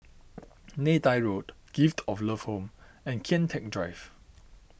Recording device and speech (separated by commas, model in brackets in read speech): boundary microphone (BM630), read sentence